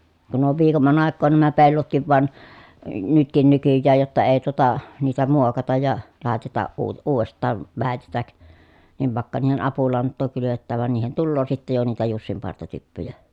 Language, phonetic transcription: Finnish, kun ‿on viikomman ‿àekkoon nämä pellotkiv van , nytkin nykyjjääj jotta ee tuota , niitä muokataj ja , làetataʼ ʼuu- uuv̀est̆taav vä̀etetäk , niv vàekka niihen apulanttoo kylyvettääv van niihen tulloo sittej jo niitä jussimpartatyppyjä .
- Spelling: kun on viikomman aikaan nämä pellotkin vaan nytkin nykyään jotta ei tuota niitä muokata ja laiteta - uudestaan väetetä niin vaikka niihin apulantaa kylvetään vaan niihin tulee sitten jo niitä jussinpartatyppyjä

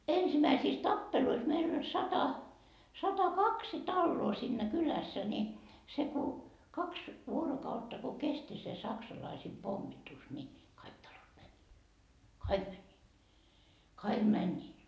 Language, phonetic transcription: Finnish, 'ensimäisiis "tappeluis meil ‿oĺ 'sata , 'sata"kaksi "talloo siinnä 'kylässä ni , se ku , 'kaks 'vuorokautta ko 'kesti se 'saksalaisiim 'pommitus ni , "kaik 'talot mäń , "kaik mäńńii , 'kaik "mäńńii .
- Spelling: ensimmäisissä tappeluissa meillä oli sata satakaksi taloa siinä kylässä niin se kun kaksi vuorokautta kun kesti se saksalaisten pommitus niin kaikki talot meni kaikki menivät kaikki menivät

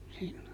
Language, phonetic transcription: Finnish, sillo .
- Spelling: silloin

